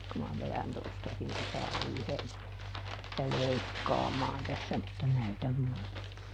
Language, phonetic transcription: Finnish, ku ma ˈve(l)än tostakin (--) , -tä ˈleikkaamaan tässä mutta ˈnäytäm ˈmuute .
- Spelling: kun minä vedän tuostakin - - leikkaamaan tässä mutta näytän muuten

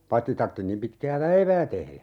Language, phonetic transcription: Finnish, paⁱtti 'tartti nim 'pitkää "päivää 'tehlä .
- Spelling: paitsi tarvitsi niin pitkää päivää tehdä

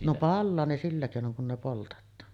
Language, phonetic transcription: Finnish, no "pallaa ne 'sillä kèinoŋ kun ne 'poltet̆taan .
- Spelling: no palaa ne sillä keinoin kun ne poltetaan

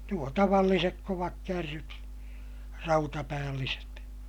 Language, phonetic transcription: Finnish, nuo tavallisek kovakkärryt , rautapäälliset .
- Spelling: nuo tavalliset kovakärryt rautapäälliset

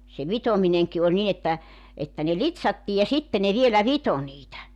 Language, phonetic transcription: Finnish, se "vitomineŋki oĺ 'nin ‿että , että ne "lit̳s̳§attii ja 'sitte ne 'vielä "vito niitä .
- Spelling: se vitominenkin oli niin että että ne litsattiin ja sitten ne vielä vitoi niitä

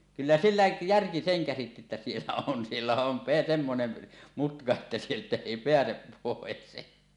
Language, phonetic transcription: Finnish, kyllä "sillä 'järki seŋ käsitti että 'siellä on , 'siellä on , pe -semmonen , mutka että 'sieltä 'èi "peäsep pòes .
- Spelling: kyllä sillä järki sen käsitti että siellä on siellä on - semmoinen mutka että sieltä ei pääse pois

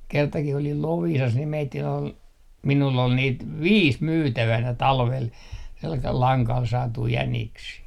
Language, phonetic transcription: Finnish, 'kertakih ‿olil "Loviisas ni meittin ‿ol , minull ‿ol niit "viis 'myytävänä 'talvel , selkal 'laŋkal 'saatui 'jäniksii .
- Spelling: kertakin olin Loviisassa niin meidän oli minulla oli niitä viisi myytävänä talvella sellaisella langalla saatuja jäniksiä

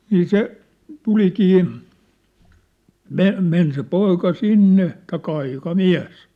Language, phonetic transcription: Finnish, 'nii "se , "tulikii , "me- , 'men se "poika "sinne , taikka 'aìka"miä̭s .
- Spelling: niin se tulikin - meni se poika sinne tai aikamies

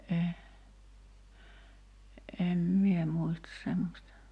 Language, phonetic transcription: Finnish, e , 'em "mie muistas 'semmośta .
- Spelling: en en minä muista semmoista

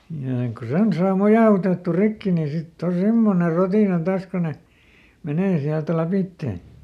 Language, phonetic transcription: Finnish, ja ek ku "sen saa ˈmojà₍utettu ˈrikki ni ˈsitt ‿o "semmone ˈrotìna ˈtaas ko ne , ˈmenee ˈsiält ˈläpittè .
- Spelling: ja ei kun sen saa mojautettua rikki niin sitten on semmoinen rotina taas kun ne menee sieltä lävitse

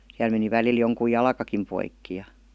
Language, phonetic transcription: Finnish, siäl meni välil 'joŋkuj "jalakakim 'poikki ja .
- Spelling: siellä meni välillä jonkun jalkakin poikki ja

